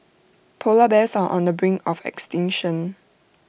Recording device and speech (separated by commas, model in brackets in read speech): boundary microphone (BM630), read sentence